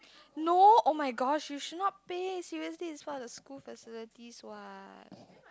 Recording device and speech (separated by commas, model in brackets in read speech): close-talking microphone, conversation in the same room